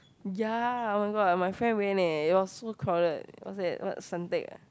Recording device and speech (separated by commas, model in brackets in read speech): close-talking microphone, conversation in the same room